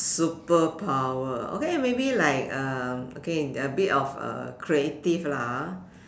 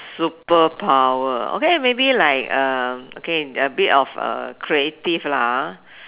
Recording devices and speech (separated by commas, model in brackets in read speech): standing microphone, telephone, conversation in separate rooms